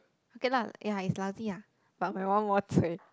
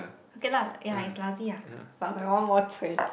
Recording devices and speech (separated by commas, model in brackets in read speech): close-talking microphone, boundary microphone, conversation in the same room